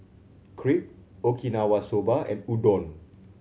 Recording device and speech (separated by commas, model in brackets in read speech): mobile phone (Samsung C7100), read sentence